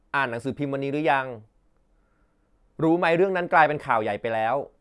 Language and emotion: Thai, neutral